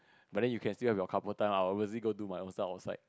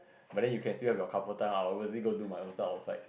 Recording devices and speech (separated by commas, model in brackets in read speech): close-talking microphone, boundary microphone, conversation in the same room